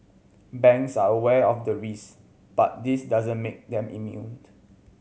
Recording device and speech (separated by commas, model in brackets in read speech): mobile phone (Samsung C7100), read sentence